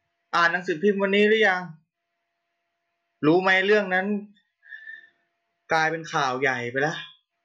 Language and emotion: Thai, frustrated